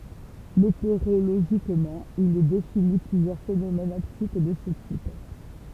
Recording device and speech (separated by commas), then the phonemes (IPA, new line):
temple vibration pickup, read sentence
meteoʁoloʒikmɑ̃ il ɛ defini plyzjœʁ fenomɛnz ɔptik də sə tip